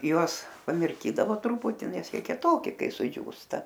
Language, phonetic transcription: Lithuanian, ˈjuos pamirˈkydavo ˈtruputi ˈnes ˈjie kieˈtoki ˈkai suˈdžiūsta

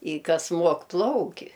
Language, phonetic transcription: Lithuanian, i ˈkas ˈmuok ˈplauki

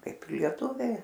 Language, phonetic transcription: Lithuanian, ˈkaip ir lieˈtūviai

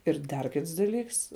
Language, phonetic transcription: Lithuanian, ir ˈdar ˈkits daˈlyks

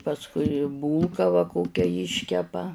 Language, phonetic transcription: Lithuanian, pasˈkui ˈbūlka va ˈkokia ˈjiškepa

